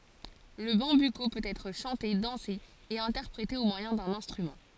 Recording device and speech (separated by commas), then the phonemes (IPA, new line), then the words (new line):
forehead accelerometer, read sentence
lə bɑ̃byko pøt ɛtʁ ʃɑ̃te dɑ̃se e ɛ̃tɛʁpʁete o mwajɛ̃ dœ̃n ɛ̃stʁymɑ̃
Le bambuco peut être chanté, dansé et interprété au moyen d'un instrument.